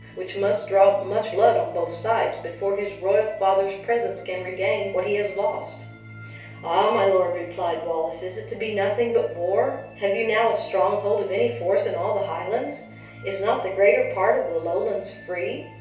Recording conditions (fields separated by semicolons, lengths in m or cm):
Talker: one person; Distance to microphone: 3.0 m; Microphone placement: far; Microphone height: 1.8 m; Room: small (3.7 m by 2.7 m); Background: music